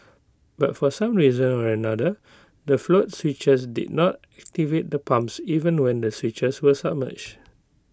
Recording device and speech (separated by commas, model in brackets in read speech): close-talking microphone (WH20), read sentence